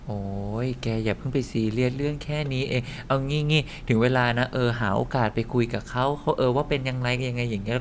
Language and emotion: Thai, frustrated